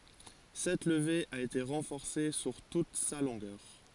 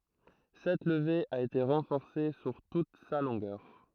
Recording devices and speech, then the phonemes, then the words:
forehead accelerometer, throat microphone, read sentence
sɛt ləve a ete ʁɑ̃fɔʁse syʁ tut sa lɔ̃ɡœʁ
Cette levée a été renforcée sur toute sa longueur.

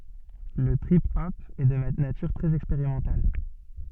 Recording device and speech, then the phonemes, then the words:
soft in-ear microphone, read sentence
lə tʁip ɔp ɛ də natyʁ tʁɛz ɛkspeʁimɑ̃tal
Le trip hop est de nature très expérimentale.

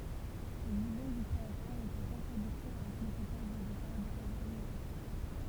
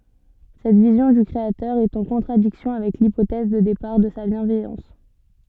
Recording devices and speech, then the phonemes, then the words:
temple vibration pickup, soft in-ear microphone, read sentence
sɛt vizjɔ̃ dy kʁeatœʁ ɛt ɑ̃ kɔ̃tʁadiksjɔ̃ avɛk lipotɛz də depaʁ də sa bjɛ̃vɛjɑ̃s
Cette vision du Créateur est en contradiction avec l'hypothèse de départ de sa bienveillance.

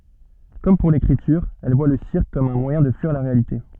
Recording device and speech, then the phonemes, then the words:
soft in-ear microphone, read sentence
kɔm puʁ lekʁityʁ ɛl vwa lə siʁk kɔm œ̃ mwajɛ̃ də fyiʁ la ʁealite
Comme pour l'écriture, elle voit le cirque comme un moyen de fuir la réalité.

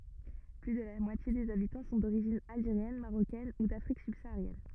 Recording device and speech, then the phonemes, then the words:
rigid in-ear microphone, read sentence
ply də la mwatje dez abitɑ̃ sɔ̃ doʁiʒin alʒeʁjɛn maʁokɛn u dafʁik sybsaaʁjɛn
Plus de la moitié des habitants sont d'origine algérienne, marocaine ou d'Afrique subsaharienne.

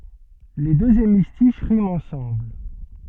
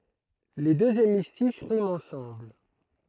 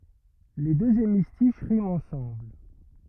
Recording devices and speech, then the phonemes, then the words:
soft in-ear microphone, throat microphone, rigid in-ear microphone, read sentence
le døz emistiʃ ʁimt ɑ̃sɑ̃bl
Les deux hémistiches riment ensemble.

